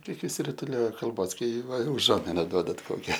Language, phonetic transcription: Lithuanian, ˈkiek išsirituˈliojo kalˈbos ˈkai ˈva uˈžuomina ˈduodat ˈkokia

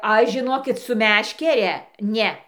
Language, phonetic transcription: Lithuanian, ˈaš žiˈnokit su ˈmeškere ˈne

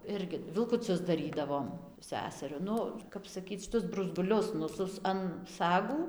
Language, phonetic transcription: Lithuanian, ˈirgi vilkuˈcius daˈrydavom ˈseseriu ˈnu kap saˈkyc šiˈtus bruzˈgulius nu ˈsus an ˈsagų

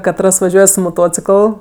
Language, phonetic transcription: Lithuanian, kaˈtras vaˈžiuoj su moˈtocikəl

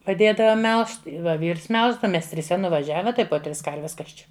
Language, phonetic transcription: Lithuanian, paˈdėdavo ˈmelžt ˈva ˈvyrs ˈmelždava ˈmes triˈse nuvaˈžiave ˈtai po ˈtris ˈkarves ˈkas čia

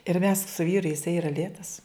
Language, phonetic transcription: Lithuanian, ir mes su ˈvyru iˈsai yˈra ˈlėtas

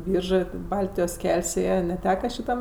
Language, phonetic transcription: Lithuanian, ˈbyržɜ ti ˈbaltijos ˈkel's' ˈėje neˈteka šiˈtam

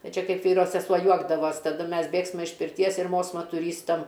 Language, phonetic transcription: Lithuanian, ˈna ˈčia ˈkaip ˈvyro seˈsuo ˈjuokdavos taˈdu ˈmes ˈbėgsma iš pirˈties ir ˈmosma tuˈrystam

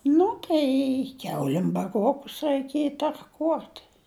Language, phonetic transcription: Lithuanian, ˈnu tai ˈkiaulim baˈruokus raiˈkieji tarˈkuot

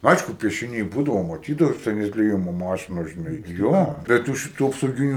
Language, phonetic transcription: Lithuanian, ˈaišku piešiˈniai ˈbūdavo maˈtydavai ˈten atlieˈjimo ˈmašinos žiˈnai ˈjo bet ˈtų šiˈtų apsauˈginiu

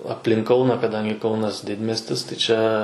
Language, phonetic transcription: Lithuanian, apˈlink ˈkauna kaˈdangi ˈkaunas ˈdidmiestis ti ˈčia

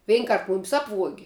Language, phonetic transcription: Lithuanian, ˈvein ˈkart ˈmumis ˈapvuogi

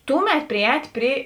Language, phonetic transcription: Lithuanian, ˈtuˌmet priˈēt' ˈpri

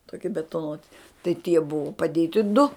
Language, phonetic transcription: Lithuanian, toˈki betoˈnuoti tai tie ˈbuvu paˈdėti du

